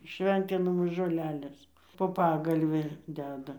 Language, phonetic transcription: Lithuanian, ˈšventinamos žoˈlelės po ˈpagalvi ˈdeda

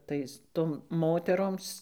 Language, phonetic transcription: Lithuanian, ˈtais ˈtom moteˈroms

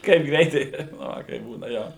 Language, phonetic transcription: Lithuanian, ˈkaip ˈgreitai nu ˈva kaip ˈbūna ˈjo

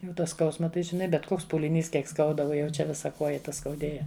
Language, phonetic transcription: Lithuanian, ˈjau ta ˈskausma ˈtai žiˈnai ˈbet ˈkoks pūliˈnys ˈkiek ˈskauda ˈuo jau ˈčia ˈvisa ˈkoja ˈta skauˈdėja

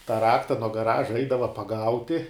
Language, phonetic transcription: Lithuanian, tą ˈrakta nuo gaˈraža ˈeidava paˈgauti

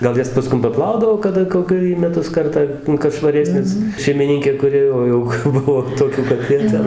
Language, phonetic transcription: Lithuanian, gal ˈjas paˈskum paˈplaudavo kaˈda koˈkia į meˈtus ˈkartą kad švaˈresnės šeimiˈninkė kuˈri ˈo jau ˈbuvo toˈkių kad ˈjie ˈten

